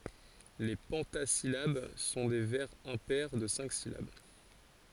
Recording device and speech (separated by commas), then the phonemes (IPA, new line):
forehead accelerometer, read sentence
le pɑ̃tazilab sɔ̃ de vɛʁz ɛ̃pɛʁ də sɛ̃k silab